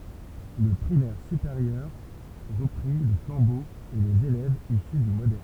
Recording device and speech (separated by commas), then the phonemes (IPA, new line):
temple vibration pickup, read sentence
lə pʁimɛʁ sypeʁjœʁ ʁəpʁi lə flɑ̃bo e lez elɛvz isy dy modɛʁn